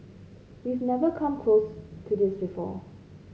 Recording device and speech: mobile phone (Samsung C5), read sentence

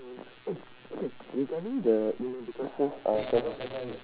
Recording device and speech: telephone, conversation in separate rooms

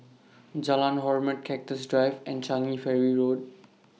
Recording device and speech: mobile phone (iPhone 6), read sentence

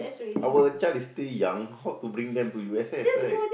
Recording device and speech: boundary microphone, conversation in the same room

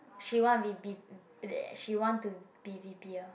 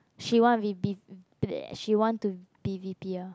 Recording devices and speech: boundary microphone, close-talking microphone, conversation in the same room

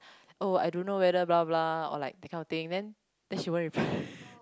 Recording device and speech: close-talking microphone, conversation in the same room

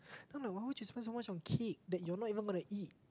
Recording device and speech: close-talking microphone, conversation in the same room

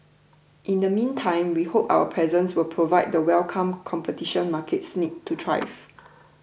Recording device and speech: boundary microphone (BM630), read sentence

